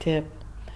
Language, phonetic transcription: Lithuanian, ˈtėp

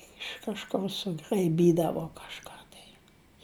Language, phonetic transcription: Lithuanian, iš kažˈkur sugraiˈbydavo kažˈką tai

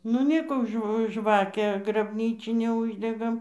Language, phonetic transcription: Lithuanian, nu ˈnėko ˈžv ˈžvakę grabˈnyčinę ˈuždegam

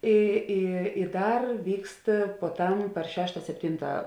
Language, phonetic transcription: Lithuanian, ˈy ˈy i ˈdar ˈvykst puoˈtam par ˈšešta sepˈtinta

